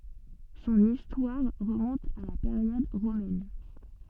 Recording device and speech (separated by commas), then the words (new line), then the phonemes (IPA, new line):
soft in-ear microphone, read sentence
Son histoire remonte à la période romaine.
sɔ̃n istwaʁ ʁəmɔ̃t a la peʁjɔd ʁomɛn